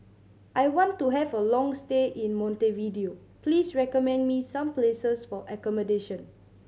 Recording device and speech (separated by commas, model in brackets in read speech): mobile phone (Samsung C7100), read sentence